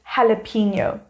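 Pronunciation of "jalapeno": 'Jalapeno' is pronounced correctly here.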